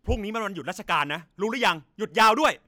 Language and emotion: Thai, angry